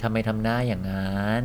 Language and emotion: Thai, frustrated